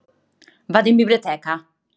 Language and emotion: Italian, angry